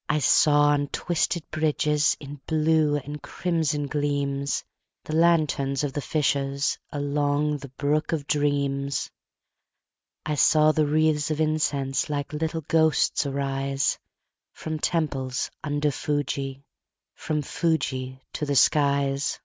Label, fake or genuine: genuine